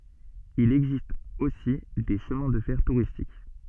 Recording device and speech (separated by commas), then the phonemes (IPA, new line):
soft in-ear microphone, read sentence
il ɛɡzist osi de ʃəmɛ̃ də fɛʁ tuʁistik